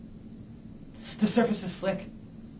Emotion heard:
fearful